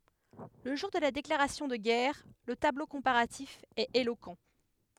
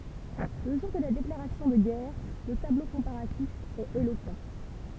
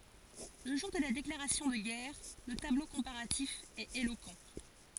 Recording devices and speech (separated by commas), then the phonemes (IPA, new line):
headset microphone, temple vibration pickup, forehead accelerometer, read sentence
lə ʒuʁ də la deklaʁasjɔ̃ də ɡɛʁ lə tablo kɔ̃paʁatif ɛt elokɑ̃